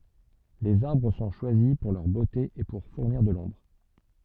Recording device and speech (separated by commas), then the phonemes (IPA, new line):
soft in-ear microphone, read sentence
lez aʁbʁ sɔ̃ ʃwazi puʁ lœʁ bote e puʁ fuʁniʁ də lɔ̃bʁ